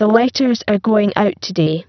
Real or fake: fake